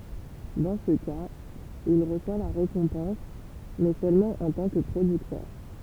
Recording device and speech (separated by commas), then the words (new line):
temple vibration pickup, read sentence
Dans ce cas, il reçoit la récompense mais seulement en tant que producteur.